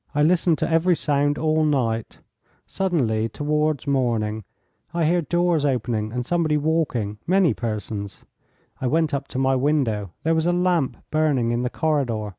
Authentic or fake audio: authentic